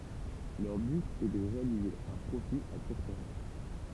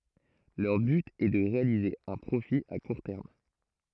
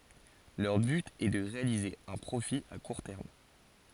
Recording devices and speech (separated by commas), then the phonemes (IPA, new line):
temple vibration pickup, throat microphone, forehead accelerometer, read sentence
lœʁ byt ɛ də ʁealize œ̃ pʁofi a kuʁ tɛʁm